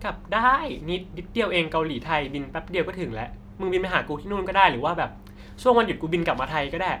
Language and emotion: Thai, neutral